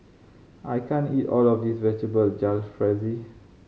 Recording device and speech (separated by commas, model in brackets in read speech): mobile phone (Samsung C5010), read sentence